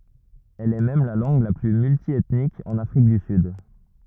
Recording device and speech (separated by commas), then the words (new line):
rigid in-ear microphone, read sentence
Elle est même la langue la plus multiethnique en Afrique du Sud.